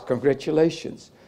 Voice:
low voice